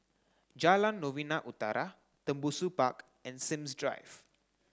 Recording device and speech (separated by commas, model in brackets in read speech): close-talking microphone (WH30), read sentence